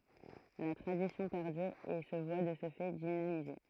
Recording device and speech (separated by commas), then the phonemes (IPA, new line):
throat microphone, read sentence
la tʁadisjɔ̃ pɛʁdyʁ e sə vwa də sə fɛ dinamize